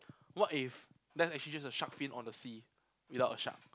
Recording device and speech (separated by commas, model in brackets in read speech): close-talking microphone, conversation in the same room